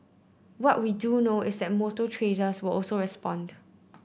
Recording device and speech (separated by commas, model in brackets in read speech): boundary microphone (BM630), read sentence